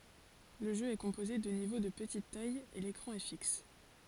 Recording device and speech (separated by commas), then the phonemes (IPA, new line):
forehead accelerometer, read sentence
lə ʒø ɛ kɔ̃poze də nivo də pətit taj e lekʁɑ̃ ɛ fiks